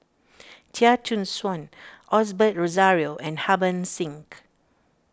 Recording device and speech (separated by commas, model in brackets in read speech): standing microphone (AKG C214), read sentence